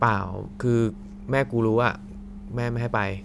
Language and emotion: Thai, frustrated